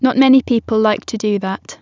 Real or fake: real